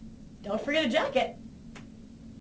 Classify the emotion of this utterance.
happy